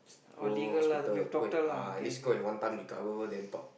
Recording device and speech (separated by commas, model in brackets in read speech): boundary microphone, conversation in the same room